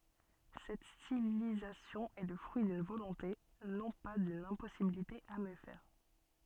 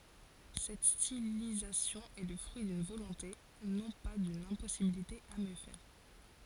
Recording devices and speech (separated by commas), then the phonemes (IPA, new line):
soft in-ear microphone, forehead accelerometer, read sentence
sɛt stilizasjɔ̃ ɛ lə fʁyi dyn volɔ̃te nɔ̃ pa dyn ɛ̃pɔsibilite a mjø fɛʁ